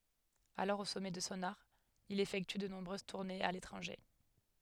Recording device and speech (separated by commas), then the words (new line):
headset microphone, read sentence
Alors au sommet de son art, il effectue de nombreuses tournées à l'étranger.